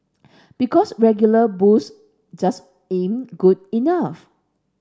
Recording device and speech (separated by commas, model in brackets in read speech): standing microphone (AKG C214), read sentence